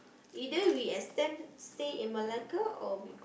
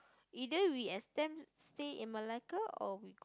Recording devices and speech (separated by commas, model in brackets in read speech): boundary microphone, close-talking microphone, conversation in the same room